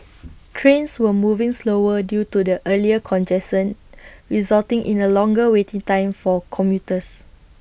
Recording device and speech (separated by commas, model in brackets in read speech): boundary microphone (BM630), read sentence